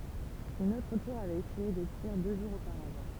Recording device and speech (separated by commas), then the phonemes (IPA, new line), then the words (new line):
temple vibration pickup, read sentence
yn otʁ tuʁ avɛt esyije de tiʁ dø ʒuʁz opaʁavɑ̃
Une autre tour avait essuyé des tirs deux jours auparavant.